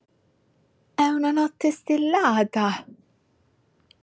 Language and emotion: Italian, surprised